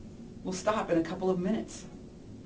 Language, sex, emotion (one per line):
English
male
neutral